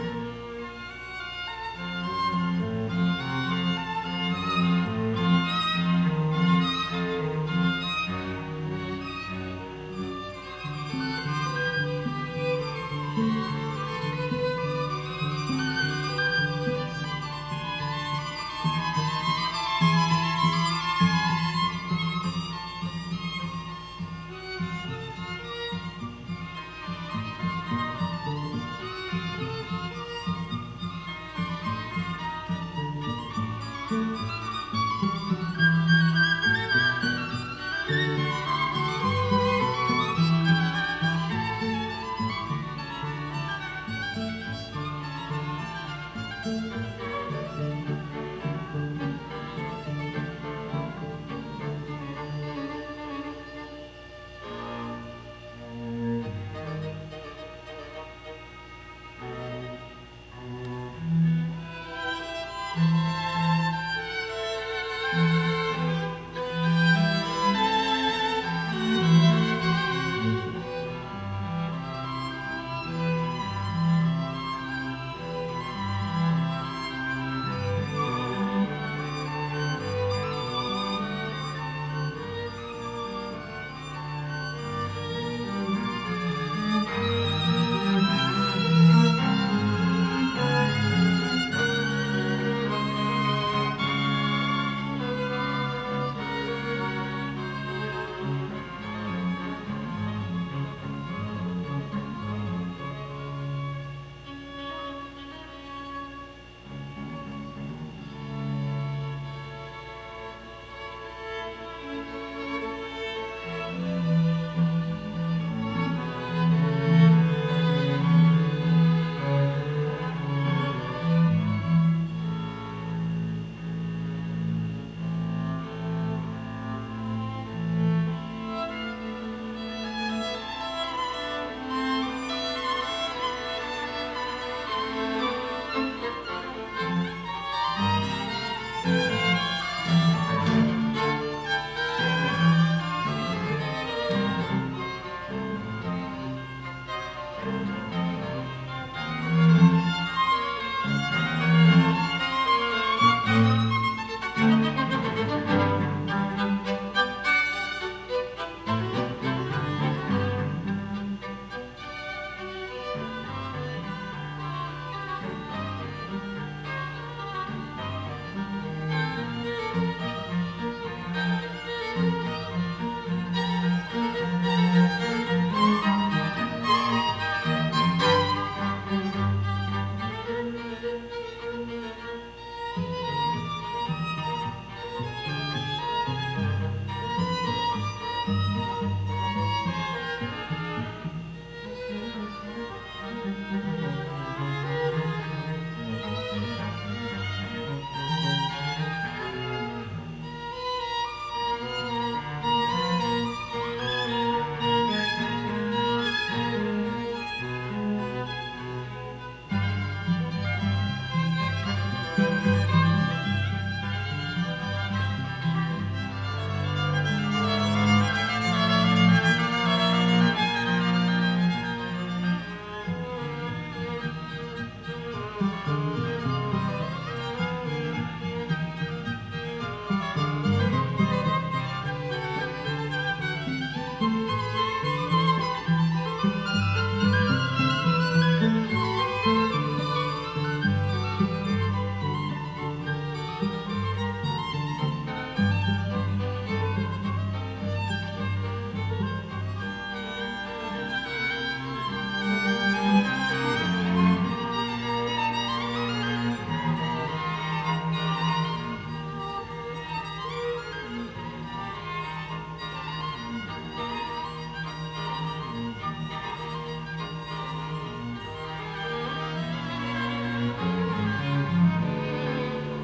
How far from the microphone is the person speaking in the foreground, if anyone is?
No main talker.